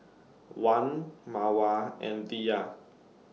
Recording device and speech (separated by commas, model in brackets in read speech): mobile phone (iPhone 6), read sentence